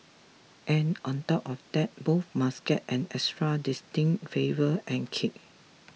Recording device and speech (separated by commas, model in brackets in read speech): mobile phone (iPhone 6), read sentence